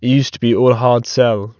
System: none